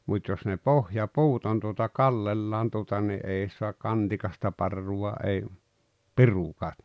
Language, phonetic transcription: Finnish, mut́ jos ne "pohja"puut on tuota "kallellaan tuota ni '’ei suak "kantikasta 'parruwa ei , "pirukaa .
- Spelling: mutta jos ne pohjapuut on tuota kallellaan tuota niin ei saa kantikasta parrua ei pirukaan

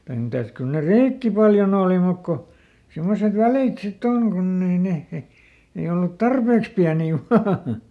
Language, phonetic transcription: Finnish, (vaik) ˈmitäs ˈkyl ne "rìkki paljoˈn ‿ooli mùk ko , simmoset ˈvälìt sitˈt ‿oŋ ˈkunn ‿ei ˈneh he , ˈei ollut "tarpeeks piänii ˈvaa .
- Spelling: vaikka mitäs kyllä ne rikki paljon oli mutta kun semmoiset välit sitten on kun ei ne he ei ollut tarpeeksi pieniä vain

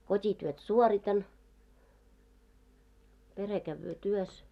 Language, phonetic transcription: Finnish, 'kot́ityöt "suoritan , 'pere kävvöö 'tuos .
- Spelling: kotityöt suoritan perhe käy työssä

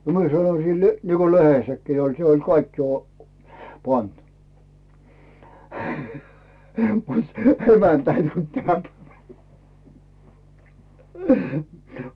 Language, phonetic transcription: Finnish, nə 'mie sanoⁱ sillè , niko "lehessäkkii oĺ se oĺ 'kaikki o- , 'pant , mut , "emäntä ei tult 'täm- .
- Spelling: no minä sanoin sille niin kuin lehdessäkin oli se oli kaikki - pantu mutta emäntä ei tullut -

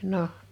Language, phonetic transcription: Finnish, 'noh .
- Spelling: no

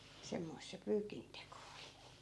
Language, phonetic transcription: Finnish, 'semmoi̮sᵗ se 'pyykinteko oli .
- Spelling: semmoista se pyykinteko oli

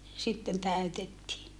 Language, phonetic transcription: Finnish, sitten tä̀ytettii .
- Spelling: sitten täytettiin

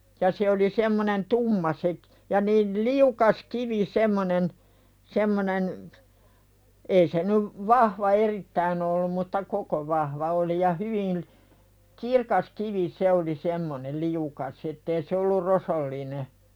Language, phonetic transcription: Finnish, ja 'se oli semmonen "tumma se k- , ja niin̳ "liukas 'kivi 'semmonen , semmonen , ei se nyv , 'vahva "erittäin ‿ollum mutta 'koko vahva oli ja 'hyviʟ , "kirkas kivi "se oli semmoneˡ 'liukas ettee se ollur "rosolline .
- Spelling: ja se oli semmoinen tumma se - ja niin liukas kivi semmoinen semmoinen ei se nyt vahva erittäin ollut mutta koko vahva oli ja hyvin kirkas kivi se oli semmoinen liukas ettei se ollut rosoinen

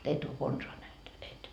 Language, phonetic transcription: Finnish, et ‿o 'konsoa näht et .
- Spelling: et ole konsaan nähnyt et

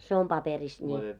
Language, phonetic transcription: Finnish, se om 'paperis ńi .
- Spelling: se on paperissa niin

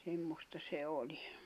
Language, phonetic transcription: Finnish, semmosta se 'oĺi .
- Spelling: semmoista se oli

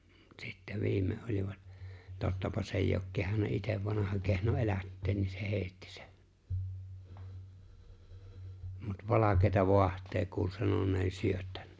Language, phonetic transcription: Finnish, 'sitte 'viime ’olivat , 'tottapa s ‿èi̬j ‿ook 'kehanna 'itev 'vanaha kehno 'elätteen ni se 'he̬e̬ⁱtti se[n] , mut 'valakeeta 'voaht̀ee kuul 'sanon̆nee 'syöttä(n- -) .
- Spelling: sitten viimein olivat tottapa se ei ole kehdannut itse vanha kehno elättää niin se heitti sen mutta valkeaa vaahtoa kuuli sanoneen - -

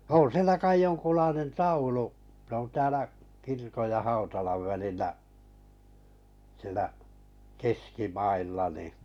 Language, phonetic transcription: Finnish, 'on sielä kai 'joŋkulainen "taulu , s ‿on 'täälä , 'kirkoj ja 'hautalav 'välillä’ , siᵉlä , 'keski'mailla ni .
- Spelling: on siellä kai jonkunlainen taulu se on täällä kirkon ja hautalan välillä siellä keskimailla niin

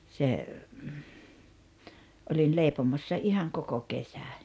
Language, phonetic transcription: Finnish, se , oĺin 'lèipomossa 'ihaŋ 'koko 'kesä .
- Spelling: se olin leipomossa ihan koko kesän

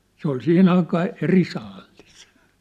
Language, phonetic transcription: Finnish, se ‿ol 'sihin ‿aikaa , 'eri 'saallis !
- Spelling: se oli siihen aikaa eri saalis

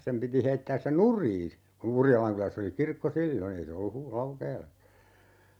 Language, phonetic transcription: Finnish, 'sem piti 'heittääs se "nur̀ii , ku 'Urjalaŋkyläss ‿oli 'kirkko "sillo'n ‿ei se ollu 'Hu- , "Laukeela(ssa) .
- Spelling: sen piti heittää se nurin kun Urjalankylässä oli kirkko silloin ei se ollut - Laukeelassa

